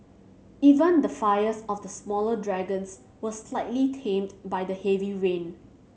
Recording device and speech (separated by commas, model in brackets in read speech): mobile phone (Samsung C7100), read sentence